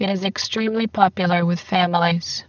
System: VC, spectral filtering